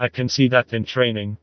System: TTS, vocoder